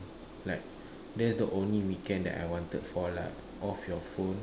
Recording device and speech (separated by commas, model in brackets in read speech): standing microphone, conversation in separate rooms